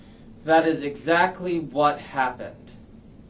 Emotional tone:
disgusted